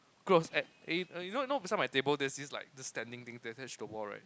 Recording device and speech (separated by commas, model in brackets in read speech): close-talking microphone, conversation in the same room